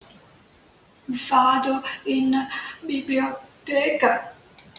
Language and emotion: Italian, sad